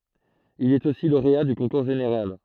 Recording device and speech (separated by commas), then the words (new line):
throat microphone, read sentence
Il est aussi lauréat du concours général.